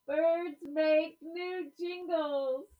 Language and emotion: English, happy